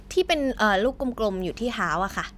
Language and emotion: Thai, neutral